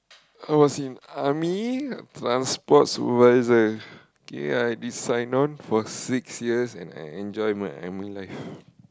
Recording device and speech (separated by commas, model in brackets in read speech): close-talking microphone, conversation in the same room